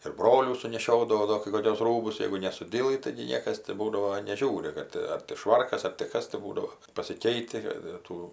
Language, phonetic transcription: Lithuanian, ir ˈbrolių suneˈšiodavau ˈdo kai koˈkius ˈrūbus ˈjeigu nesuˈdylɨ taigi ˈniekas ti ˈbūdavo neˈžiūri ˈkad ar ti ˈšvarkas ar ti ˈkas tai ˈbūdavo pasiˈkeiti kad ir ˈtų

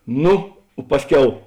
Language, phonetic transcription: Lithuanian, ˈnu ˈpasˌkiau

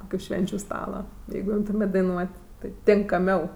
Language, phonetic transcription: Lithuanian, ˈkokiu ˈšvenčiu ˈstala ˈjeigu ˈimtumėt' daiˈnuot' tai tinkaˈmiau

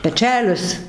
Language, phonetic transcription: Lithuanian, peˈčelis

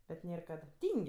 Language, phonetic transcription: Lithuanian, bet ˈnėr ˈkad ˈtyng'

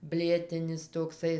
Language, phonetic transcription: Lithuanian, ˈblėtinis tokˈsai

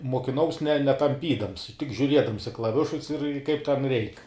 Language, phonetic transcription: Lithuanian, mokiˈnaus ne netamˈpydams tik žiuˈriedams i klaˈvišus ir kaip ten ˈreik

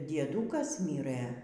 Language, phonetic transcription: Lithuanian, dieˈdūkas ˈmyrɘ

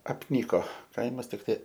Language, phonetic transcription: Lithuanian, apˈnyko ˈkaimas tikˈtai

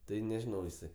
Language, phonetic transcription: Lithuanian, ˈtai neˈžinau jiˈsai

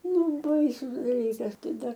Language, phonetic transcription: Lithuanian, ˈnu ˈbaisus daˈlykas ˈtai ˈdar

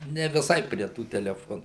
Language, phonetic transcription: Lithuanian, ne viˈsai prie ˈtų teleˈfonų

